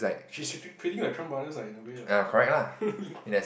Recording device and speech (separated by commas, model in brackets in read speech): boundary microphone, conversation in the same room